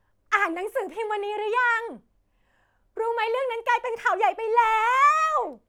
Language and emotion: Thai, happy